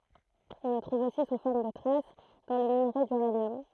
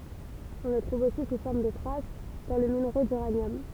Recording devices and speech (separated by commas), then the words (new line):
throat microphone, temple vibration pickup, read sentence
On le trouve aussi sous forme de traces dans le minerai d'uranium.